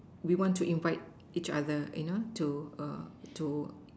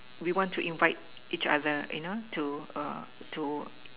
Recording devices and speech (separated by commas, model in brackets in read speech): standing microphone, telephone, conversation in separate rooms